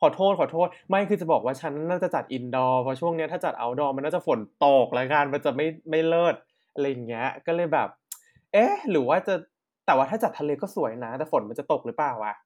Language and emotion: Thai, happy